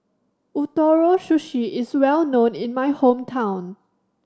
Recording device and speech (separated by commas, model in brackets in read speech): standing microphone (AKG C214), read sentence